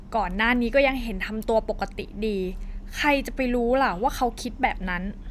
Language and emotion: Thai, frustrated